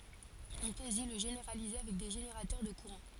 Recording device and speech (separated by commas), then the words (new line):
forehead accelerometer, read sentence
On peut aussi le généraliser avec des générateurs de courants.